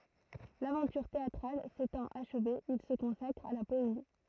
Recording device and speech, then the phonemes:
throat microphone, read sentence
lavɑ̃tyʁ teatʁal setɑ̃t aʃve il sə kɔ̃sakʁ a la pɔezi

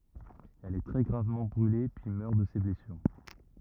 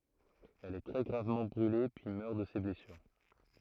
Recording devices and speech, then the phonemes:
rigid in-ear microphone, throat microphone, read sentence
ɛl ɛ tʁɛ ɡʁavmɑ̃ bʁyle pyi mœʁ də se blɛsyʁ

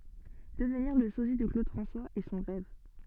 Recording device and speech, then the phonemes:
soft in-ear microphone, read sentence
dəvniʁ lə sozi də klod fʁɑ̃swaz ɛ sɔ̃ ʁɛv

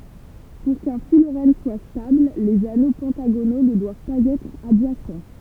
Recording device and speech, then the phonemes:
temple vibration pickup, read sentence
puʁ kœ̃ fylʁɛn swa stabl lez ano pɑ̃taɡono nə dwav paz ɛtʁ adʒasɑ̃

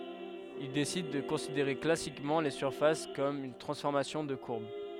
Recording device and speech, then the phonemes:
headset microphone, read sentence
il desid də kɔ̃sideʁe klasikmɑ̃ le syʁfas kɔm yn tʁɑ̃sfɔʁmasjɔ̃ də kuʁb

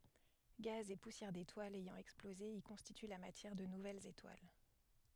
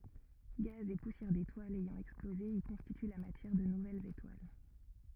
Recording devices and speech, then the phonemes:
headset microphone, rigid in-ear microphone, read sentence
ɡaz e pusjɛʁ detwalz ɛjɑ̃ ɛksploze i kɔ̃stity la matjɛʁ də nuvɛlz etwal

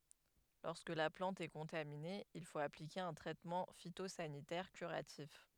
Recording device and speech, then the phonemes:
headset microphone, read sentence
lɔʁskə la plɑ̃t ɛ kɔ̃tamine il fot aplike œ̃ tʁɛtmɑ̃ fitozanitɛʁ kyʁatif

